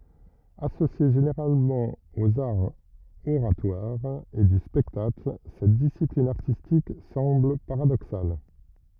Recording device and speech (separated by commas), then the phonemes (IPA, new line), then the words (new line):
rigid in-ear microphone, read sentence
asosje ʒeneʁalmɑ̃ oz aʁz oʁatwaʁz e dy spɛktakl sɛt disiplin aʁtistik sɑ̃bl paʁadoksal
Associée généralement aux arts oratoires et du spectacle, cette discipline artistique semble paradoxale.